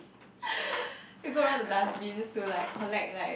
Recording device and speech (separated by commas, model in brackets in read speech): boundary microphone, conversation in the same room